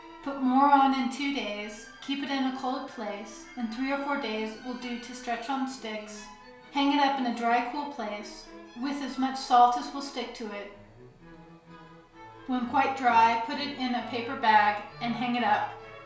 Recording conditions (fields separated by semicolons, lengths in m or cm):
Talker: one person; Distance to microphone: 1.0 m; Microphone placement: close; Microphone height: 1.1 m; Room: small (3.7 m by 2.7 m); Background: music